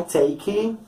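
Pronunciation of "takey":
'Take' is pronounced incorrectly here. The end of the word is overpronounced, so it sounds like an extra syllable.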